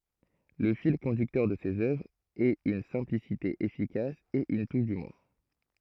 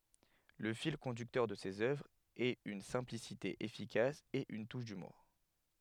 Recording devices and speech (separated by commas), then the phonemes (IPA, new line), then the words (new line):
throat microphone, headset microphone, read sentence
lə fil kɔ̃dyktœʁ də sez œvʁz ɛt yn sɛ̃plisite efikas e yn tuʃ dymuʁ
Le fil conducteur de ses œuvres est une simplicité efficace et une touche d'humour.